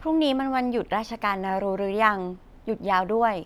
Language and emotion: Thai, neutral